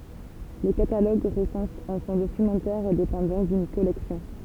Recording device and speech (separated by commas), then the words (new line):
temple vibration pickup, read sentence
Le catalogue recense un fonds documentaire et dépend donc d'une collection.